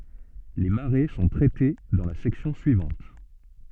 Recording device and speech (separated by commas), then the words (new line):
soft in-ear microphone, read sentence
Les marées sont traitées dans la section suivante.